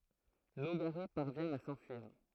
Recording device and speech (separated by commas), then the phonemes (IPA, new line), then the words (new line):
throat microphone, read sentence
noɡaʁɛ paʁvjɛ̃ a sɑ̃fyiʁ
Nogaret parvient à s'enfuir.